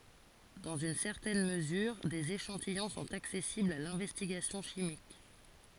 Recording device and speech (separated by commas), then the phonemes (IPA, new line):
forehead accelerometer, read sentence
dɑ̃z yn sɛʁtɛn məzyʁ dez eʃɑ̃tijɔ̃ sɔ̃t aksɛsiblz a lɛ̃vɛstiɡasjɔ̃ ʃimik